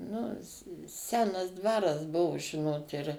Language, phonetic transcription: Lithuanian, ˈnu ˈsenas ˈdvaras ˈbuvu ˈžinot ir

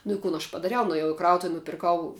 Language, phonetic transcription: Lithuanian, nu i ˈkun aš padaˈriau nuėˈjau i ˈkrautuv nupirˈkau

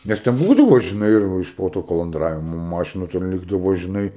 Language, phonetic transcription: Lithuanian, ˈnes ten ˈbūdavo žiˈnai ir iš ˈpo tu kolonˈdravimo ˈmašinu ten ˈlikdavo žiˈnai

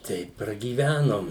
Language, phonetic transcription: Lithuanian, ˈteip pragyˈvænom

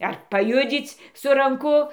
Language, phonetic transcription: Lithuanian, ar paˈjudzyc' su ranˈku

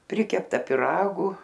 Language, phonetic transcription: Lithuanian, ˈprikepta piˈragu

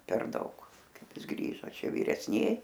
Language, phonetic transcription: Lithuanian, per ˈdaug ˈkaip ˈis ˈgrįžo ˈčia viresˈniej

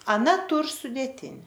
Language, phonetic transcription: Lithuanian, aˈna ˈtūr sudėˈtini

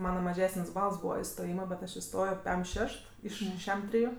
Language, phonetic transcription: Lithuanian, ˈmana maˈžesən's' ˈbals ˈbūva istoˈjyma bet ˈaš iˈstojo ˈpem ˈšešt ˈiš ˈšem ˈtriju

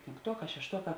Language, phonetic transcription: Lithuanian, pėnkˈtuoˌkā šešˈtuoˌkā

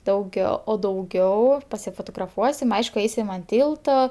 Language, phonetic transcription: Lithuanian, dauˈgiau o dauˈgiau pasifotograˈfuosim ˈaišku ˈaisim an ˈtylto

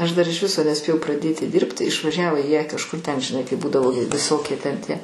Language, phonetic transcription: Lithuanian, aš dar iš ˈviso neˈspėjau praˈdėti ˈdyrbti išvaˈžiavo jie kažˈkur ten žiˈnai kaip ˈbūdavo viˈsokie ten tie

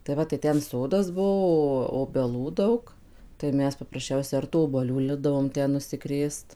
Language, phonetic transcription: Lithuanian, tai ˈva tai ˈten ˈsodas ˈbuo obeˈlų ˈdaug tai ˈmes paprasˈčiausia ar tų obuoˈlių ˈlipdavom ˈten nusiˈkrėst

